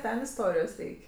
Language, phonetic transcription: Lithuanian, ˈten isˈtorijos ˈreik'

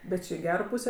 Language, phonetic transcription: Lithuanian, bet ˈči i ˈgero ˈpūsė

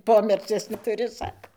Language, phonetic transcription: Lithuanian, ˈpomecies netuˈri ˈsako

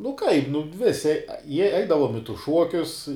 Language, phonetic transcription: Lithuanian, nu kaip nu ˈvisi jie ˈeidavom i tus ˈšuokius

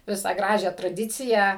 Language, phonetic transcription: Lithuanian, ˈvisą ˈgražią traˈdiciją

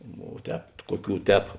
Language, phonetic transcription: Lithuanian, vo ˈtēp ˈkuoˌkių ˈtēp

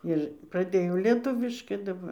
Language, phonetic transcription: Lithuanian, ir praˈdėjau lieˈtuviškai daˈbar

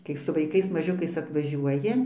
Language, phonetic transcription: Lithuanian, kai su vaiˈkais maˈžiukais atvaˈžiuoji

